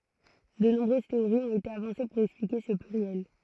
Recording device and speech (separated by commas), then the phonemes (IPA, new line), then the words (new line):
throat microphone, read sentence
də nɔ̃bʁøz teoʁiz ɔ̃t ete avɑ̃se puʁ ɛksplike sə plyʁjɛl
De nombreuses théories ont été avancées pour expliquer ce pluriel.